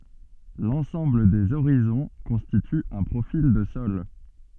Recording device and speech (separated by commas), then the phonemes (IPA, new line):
soft in-ear microphone, read sentence
lɑ̃sɑ̃bl dez oʁizɔ̃ kɔ̃stity œ̃ pʁofil də sɔl